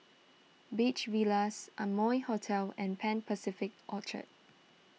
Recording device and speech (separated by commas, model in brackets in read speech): mobile phone (iPhone 6), read sentence